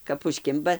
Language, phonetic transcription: Lithuanian, kap užˈkimba

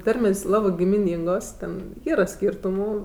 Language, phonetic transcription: Lithuanian, ˈtarmės' ˈlabɜ gimiˈnyngos ˈten ˈyra ˈskyrtumų

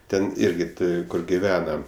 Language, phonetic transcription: Lithuanian, ˈten ˈirgi ˈti ˈkur giˈvena

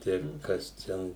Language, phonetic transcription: Lithuanian, ˈtai ˈkas ˈten

